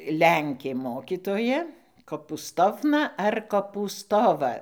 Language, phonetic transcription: Lithuanian, ˈlenkė ˈmokytoja kopūˈstovna ar kopūˈstova

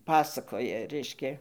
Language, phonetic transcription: Lithuanian, ˈpasakoja ˈreiškia

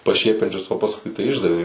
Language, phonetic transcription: Lithuanian, paˈšiepiančius o pasˈkui tai ˈišdavė

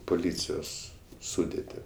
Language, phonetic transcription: Lithuanian, puˈlycijos ˈsudėti

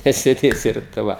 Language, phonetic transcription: Lithuanian, nesėˈdėsi ir tai ˈva

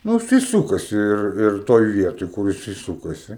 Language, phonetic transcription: Lithuanian, ˈnu jiˈsai ˈsūkasi ˈir ir ˈtoj ˈvietoj ˈkur jiˈsai ˈ sūkasi

